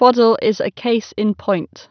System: none